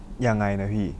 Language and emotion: Thai, neutral